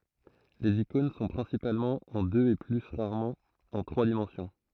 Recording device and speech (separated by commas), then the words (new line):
throat microphone, read sentence
Les icônes sont principalement en deux et plus rarement en trois dimensions.